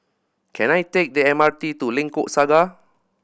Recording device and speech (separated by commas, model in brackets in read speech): boundary microphone (BM630), read sentence